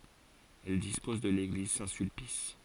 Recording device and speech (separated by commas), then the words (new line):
forehead accelerometer, read sentence
Elle dispose de l'église Saint-Sulpice.